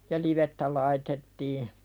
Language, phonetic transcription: Finnish, ja "livettä laitettii .
- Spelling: ja livettä laitettiin

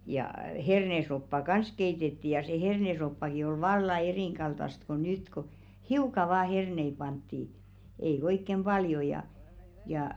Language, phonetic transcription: Finnish, ja 'hernesoppa "kans 'keitetti ja se 'hernesoppaki oi "valla 'erìŋɢaltast ko 'nyt ko , "hiuka vaa 'hernei 'pantti , ei 'oikkem "ʙaljo ja , jà .
- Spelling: ja hernesoppaa kanssa keitettiin ja se hernesoppakin oli vallan erinkaltaista kuin nyt kun hiukan vain herneitä pantiin ei oikein paljon ja ja

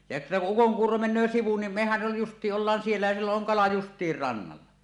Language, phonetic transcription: Finnish, ja että » ku 'ukoŋkuuro 'men̆nöö sivu nim "mehäj jo 'just̀iiˀ ˀollaan siellä ja sillo’ ’oŋ 'kala "just̀iir 'rannalla « .
- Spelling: ja että kun ukonkuuro menee sivu niin mehän jo justiin ollaan siellä ja silloin on kala justiin rannalla

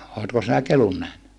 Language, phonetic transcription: Finnish, ootko sinä kelun nähny ?
- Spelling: oletko sinä kelun nähnyt

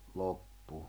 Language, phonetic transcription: Finnish, 'lop'pu .
- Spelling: loppu

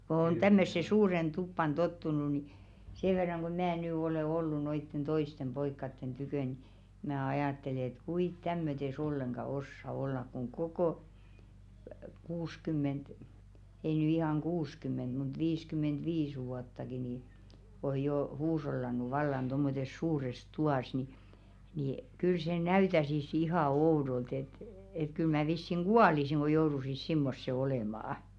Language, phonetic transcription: Finnish, ko on 'tämmösse "suuren 'tuppan "tottunu ni , 'see verraŋ ɢo "mää nỳ olè 'ollu noitten 'toistem 'ʙoikkatten tykö̀ ni , mää "ajàttele et 'kuit "tämmötes ol-leŋɢa "ossa 'ollak kuŋ "kokò , 'kuus'kymment , ei ny ihàŋ "kuuskymment mut 'viiskymment'viis vuattaki nii , oj̆ 'joo "huush̬ollan̆nu vallan tommotes "suures 'tu₍às ni , nì , kyl se "näytäsis 'ihà "oudolt ‿et , et kyl mää 'vissiŋ "ɢualisiŋ ɢo jourusis 'simmosse 'olèmà₍ᵃ .
- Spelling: kun on tämmöiseen suureen tupaan tottunut niin sen verran kun minä nyt olen ollut noiden toisten poikien tykönä niin minä ajattelen että kuinka tämmöisessä ollenkaan osaa olla kun koko kuusikymmentä ei nyt ihan kuusikymmentä mutta viisikymmentäviisi vuottakin niin on jo huushollannut vallan tuommoisessa suuressa tuvassa niin niin kyllä se näyttäisi ihan oudolta että että kyllä minä vissiin kuolisin kun joutuisin semmoiseen olemaan

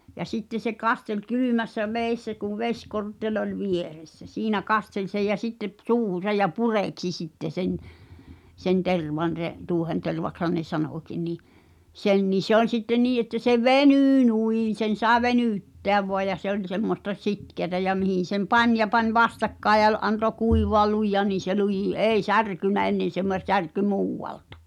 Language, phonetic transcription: Finnish, ja 'sitte se 'kastel "kylymässä 'vèissä kuv "veśkortteĺ ‿oĺ 'vieressä , 'siinä "kastel sej jä sitte p- 'suuhusaj ja "purèksi 'sitte sen , sen "tervan (s)e’ , 'tu̳u̳ᵒhentervak(s)han ne "sanòki nì , 'sen ni 'se ‿oĺ sitte 'nii että se "veny̳y̳ 'nù̳ì̳n̬ sen̬ sàe "veny̳y̳tteäv voaj̆ ja 'se ‿oĺ semmosta "sitkeätä ja 'mihìn̬ sem "pań ja pań "vastakkaej̆ ja (v-) ’anto "kùivoa 'lui̳ja̳n nin̬ se 'lujì "’ei "särkynnä ennen̬ se mə- 'särky "muuwwaltᴀ .
- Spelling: ja sitten se kasteli kylmässä vedessä kun vesikortteli oli vieressä siinä kasteli sen ja sitten - suuhunsa ja pureksi sitten sen sen tervan se tuohentervaksihan ne sanoikin niin sen niin se oli sitten niin että se venyy noin sen sai venyttää vain ja se oli semmoista sitkeää ja mihin sen pani ja pani vastakkain ja - antoi kuivaa lujaan niin se luji ei särkynyt ennen se - särkyi muualta

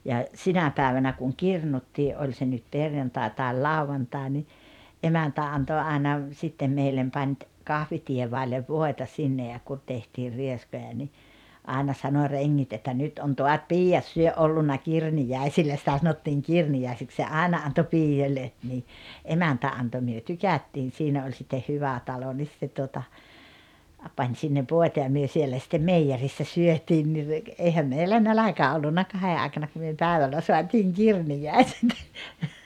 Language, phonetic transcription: Finnish, ja , "sinä 'päävänä kuŋ "kirnuttii’ '’oĺ se nyt 'perjantàe tàel "lauvantàe ni , '’emäntä 'anto 'àena , sittem meillem pań ‿t- , "kahvitievàellev "vòeta 'sinne ja kun tehtiir 'rieskoja ni , 'àena sano 'reŋŋit että » 'nyt on 'toat "piijjat syö- , ’ollunna "kirnijä̀isillä « sⁱtä 'sanottiiŋ "kirni₍ä̀isik se 'àena anto "piijjoĺĺe , ni , "emäntä 'anto myö "tykättiin̬ 'siinä oĺ sitte "hyvä 'talo 'nis se tuota , a- 'pań sinnev "vòeta ja 'myö 'siellä sⁱttem "meijerissä 'syöt̀iin ni re- , 'eihäm 'meillä "näläkä 'ollunna 'kahe àekana ku myö "pä̀evällä 'soatiiŋ "kirnijä̀i̬set .
- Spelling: ja sinä päivänä kun kirnuttiin oli se nyt perjantai tai lauantai niin emäntä antoi aina sitten meille - - kahviteevadille voita sinne ja kun tehtiin rieskoja niin aina sanoi rengit että nyt on taas piiat - ollut kirniäisillä sitä sanottiin kirniäisiksi se aina antoi piioille niin emäntä antoi me tykättiin siinä oli sitten hyvä talo niin se tuota - pani sinne voita ja me siellä sitten meijerissä syötiin niin - eihän meillä nälkä ollut kahden aikana kun me päivällä saatiin kirniäiset

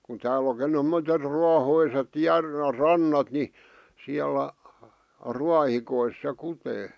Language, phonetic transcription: Finnish, ku tääläki (on ˢᵉmotet) 'ruahoiset 'järve 'rannat ni , 'siälä , "ruahikois se 'kutee .
- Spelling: kun täälläkin on semmoiset ruohoiset järven rannat niin siellä ruohikoissa se kutee

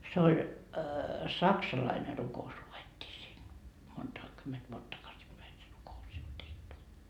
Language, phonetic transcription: Finnish, se oĺ , 'saksalaine ruko₍us lu₍ettii siin , 'monta , 'kymment vuot 'takasipäi se 'ruko₍us sit tehty .
- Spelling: se oli saksalainen rukous luettiin siinä monta kymmentä vuotta takaisinpäin se rukous sitten tehty

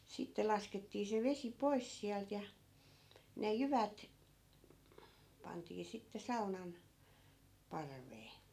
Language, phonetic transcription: Finnish, 'sitte laskettii se 'vesi "pois siält ja , ne 'jyvät , 'pantii sitte 'saunan , 'parvee .
- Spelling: sitten laskettiin se vesi pois sieltä ja ne jyvät pantiin sitten saunan parveen

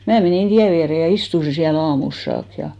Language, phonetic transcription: Finnish, 'mää menìn 'tiä viäre ja 'istusi siä'l ‿aamuls 'saak ja .
- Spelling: minä menin tien viereen ja istuin siellä aamulle saakka ja

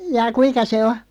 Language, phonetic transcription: Finnish, 'jaa "kuiŋka se 'o ?
- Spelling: jaa kuinka se on

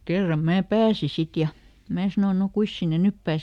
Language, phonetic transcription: Finnish, "kerram ˈmää ˈpääsi "sit ja , ˈmää sano » no ˈkuis sinne "nyp ˈpääse ? »
- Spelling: kerran minä pääsin sitten ja minä sanoin no kuinkas sinne nyt pääsee

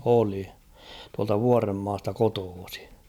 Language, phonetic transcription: Finnish, 'oli ; tualta "Vuaremmaasta 'kotoosɪ .
- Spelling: oli tuolta Vuorenmaasta kotoisin

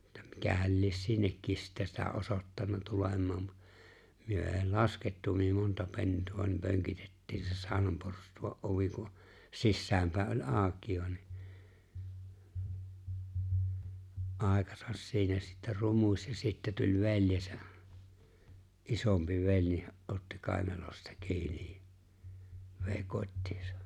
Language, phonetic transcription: Finnish, että 'mikähäl lies "sinnekkis sittä sitä 'osottanna 'tulem̀aa mu- , myö èi "laskettu myö 'monta 'pentu₍a ni 'pöŋkitettii se 'saaonam porstu₍a’ '’ovi ku , 'sissäämpä̀e’ ’oĺ "’aaᵒkiiva ni , '’àekasas siinä sittä 'rumuś ja 'sittä tuĺ 've̬ĺjesᴀ̈₍ '’isompi 'veĺ , (ja) '’otti 'kàenalosta 'ki̬inij ja , vè̬i̬ 'kot́tɪɪsᴀ .
- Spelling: että mikähän lie sinnekin sitten sitä osoittanut tulemaan - me ei laskettu me monta pentua niin pönkitettiin se saunan porstuan ovi kun sisäänpäin oli auki niin aikansa siinä sitten rumusi ja sitten tuli veljensä isompi vei ja otti kainalosta kiinni ja vei kotiinsa

